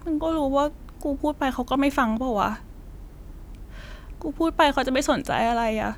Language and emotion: Thai, sad